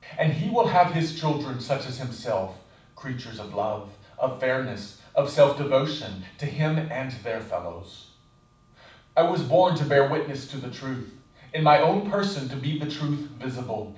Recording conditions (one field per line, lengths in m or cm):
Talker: one person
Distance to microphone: 5.8 m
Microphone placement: far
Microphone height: 1.8 m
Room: medium-sized (5.7 m by 4.0 m)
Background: none